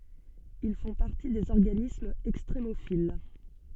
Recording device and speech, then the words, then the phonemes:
soft in-ear microphone, read sentence
Ils font partie des organismes extrémophiles.
il fɔ̃ paʁti dez ɔʁɡanismz ɛkstʁemofil

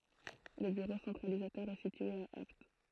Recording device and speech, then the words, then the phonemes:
throat microphone, read sentence
Le bureau centralisateur est situé à Apt.
lə byʁo sɑ̃tʁalizatœʁ ɛ sitye a apt

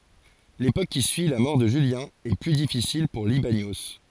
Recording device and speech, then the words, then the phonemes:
forehead accelerometer, read sentence
L'époque qui suit la mort de Julien, est plus difficile pour Libanios.
lepok ki syi la mɔʁ də ʒyljɛ̃ ɛ ply difisil puʁ libanjo

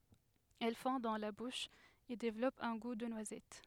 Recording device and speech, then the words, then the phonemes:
headset microphone, read sentence
Elle fond dans la bouche, et développe un goût de noisette.
ɛl fɔ̃ dɑ̃ la buʃ e devlɔp œ̃ ɡu də nwazɛt

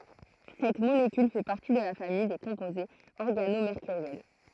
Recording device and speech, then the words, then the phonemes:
throat microphone, read sentence
Cette molécule fait partie de la famille des composés organomércuriels.
sɛt molekyl fɛ paʁti də la famij de kɔ̃pozez ɔʁɡanomeʁkyʁjɛl

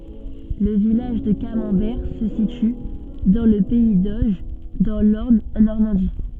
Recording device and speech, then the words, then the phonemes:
soft in-ear microphone, read sentence
Le village de Camembert se situe dans le pays d'Auge, dans l’Orne en Normandie.
lə vilaʒ də kamɑ̃bɛʁ sə sity dɑ̃ lə pɛi doʒ dɑ̃ lɔʁn ɑ̃ nɔʁmɑ̃di

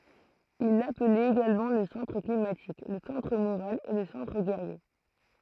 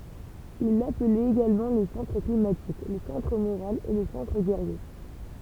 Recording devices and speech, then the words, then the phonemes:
throat microphone, temple vibration pickup, read sentence
Il l'appelait également le Centre climatique, le Centre moral et le Centre guerrier.
il laplɛt eɡalmɑ̃ lə sɑ̃tʁ klimatik lə sɑ̃tʁ moʁal e lə sɑ̃tʁ ɡɛʁje

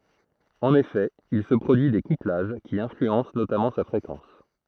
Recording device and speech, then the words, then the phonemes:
throat microphone, read sentence
En effet, il se produit des couplages, qui influencent notamment sa fréquence.
ɑ̃n efɛ il sə pʁodyi de kuplaʒ ki ɛ̃flyɑ̃s notamɑ̃ sa fʁekɑ̃s

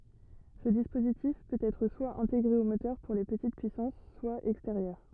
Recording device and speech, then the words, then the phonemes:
rigid in-ear microphone, read sentence
Ce dispositif peut être soit intégré au moteur, pour les petites puissances, soit extérieur.
sə dispozitif pøt ɛtʁ swa ɛ̃teɡʁe o motœʁ puʁ le pətit pyisɑ̃s swa ɛksteʁjœʁ

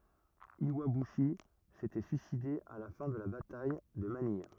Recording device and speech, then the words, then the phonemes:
rigid in-ear microphone, read sentence
Iwabuchi s'était suicidé à la fin de la bataille de Manille.
jwabyʃi setɛ syiside a la fɛ̃ də la bataj də manij

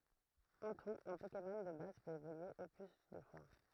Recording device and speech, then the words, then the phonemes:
throat microphone, read sentence
En tout, un Pokémon de base peut évoluer au plus deux fois.
ɑ̃ tut œ̃ pokemɔn də baz pøt evolye o ply dø fwa

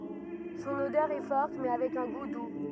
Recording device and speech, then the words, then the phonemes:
rigid in-ear microphone, read sentence
Son odeur est forte, mais avec un goût doux.
sɔ̃n odœʁ ɛ fɔʁt mɛ avɛk œ̃ ɡu du

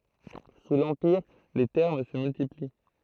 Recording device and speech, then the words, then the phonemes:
throat microphone, read sentence
Sous l’Empire, les thermes se multiplient.
su lɑ̃piʁ le tɛʁm sə myltipli

